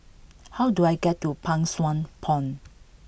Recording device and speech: boundary microphone (BM630), read sentence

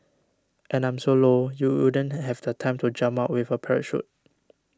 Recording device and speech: standing microphone (AKG C214), read sentence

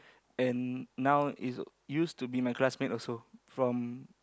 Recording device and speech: close-talking microphone, conversation in the same room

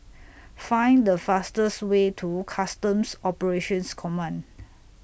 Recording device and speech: boundary microphone (BM630), read sentence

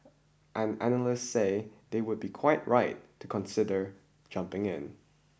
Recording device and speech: boundary microphone (BM630), read sentence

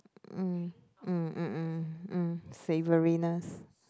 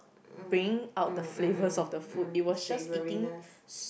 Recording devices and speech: close-talking microphone, boundary microphone, conversation in the same room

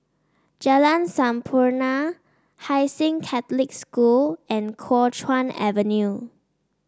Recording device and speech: standing microphone (AKG C214), read sentence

